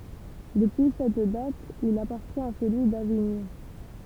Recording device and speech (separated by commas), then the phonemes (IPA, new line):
temple vibration pickup, read sentence
dəpyi sɛt dat il apaʁtjɛ̃t a səlyi daviɲɔ̃